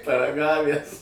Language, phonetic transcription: Lithuanian, paraˈgavæs

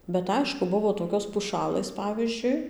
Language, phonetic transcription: Lithuanian, bet ˈaišku ˈbuvo toˈkios puˈšalɘs ˈpavyzdžiui

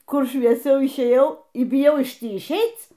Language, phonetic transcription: Lithuanian, ˈkur švieˈsiau išˈėjau y biˈjau iš ˈtį išˈeic

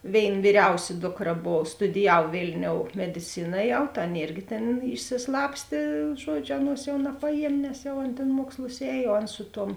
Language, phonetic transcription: Lithuanian, ˈvėin vyˈriausi ˈdokˌra ˈbov studiˈjav ˈvėlniou mediˈcina ˈjau ta ˈaˌna ˈėrgi tėn išsiˈslapstė ˈžuodˌžiu ˈaˌnuos jau napaˈjiem' nes jau ˈan tėn ˈmuokslus ˈēj o ˈan ˈsu ˌtuom

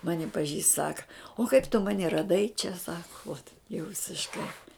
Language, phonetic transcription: Lithuanian, ˈmani paˈžįst ˈsaka o kaip tu ˈmani raˈdai čia ˈsaku uot jau visišˈkai

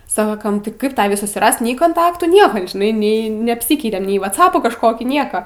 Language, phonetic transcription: Lithuanian, ˈsakam ˈti ˈkaip ˈtavį susiˈrast nei konˈtaktų ˈnieka žiˈnai ˈnei neapˈsykeitem nei vaˈcapų kažˈkokį ˈnieka

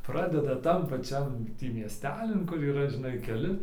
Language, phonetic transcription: Lithuanian, ˈpradeda ˈtam paˈčiam ˈtį miesˈtelin kur yˈra žiˈnai keˈli

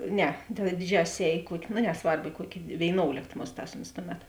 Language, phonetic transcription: Lithuanian, ˈne ta ˈdiˌdžiasis ˈēj i ˈkuok' no neˈsvarb i ˈkuok' vėiˈnoulėkt ˈmusˌtās ons ˈtuˌmet

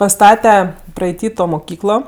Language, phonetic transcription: Lithuanian, paˈstate praeiˈty to moˈkyklo

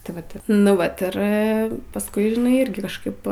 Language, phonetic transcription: Lithuanian, tai ˈvat nu ˈvat ˈir pasˈkui žiˈnai ˈirgi kažˈkaip

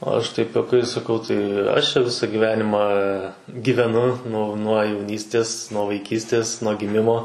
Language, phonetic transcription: Lithuanian, aš taip juoˈkais saˈkau tai aš čia ˈvisą gyˈvenimą gyveˈnu nu nuo jauˈnystės nuo vaiˈkystės nuo giˈmimo

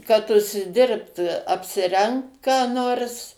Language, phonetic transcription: Lithuanian, kad užsiˈdirbt apsiˈrengt ką ˈnors

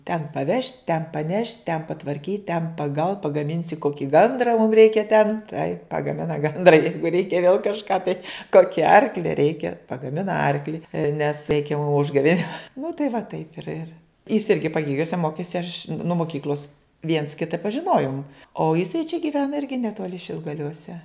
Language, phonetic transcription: Lithuanian, ten paˈvešt' ten paˈnešt' ten patvarˈkyt' ten paˈgal pagaˈminsi ˈkoki ˈgandra mum ˈreikia ten tai pagaˈmina ˈgandra ˈjeigu ˈreikia vėl kažˈką tai ˈkoki ˈarkli ˈreikia pagaˈmina ˈarkli nes ˈreikia mum ˈužgavėnėm nu tai va ˈtaip ir ir jis ˈirgi paˈgėgiuose ˈmokėsi aš' nuo moˈkykl'os viens ˈkita pažiˈnojom o jiˈsai čia giˈvena ˈirgi neˈtoli šilgaliuoˈse

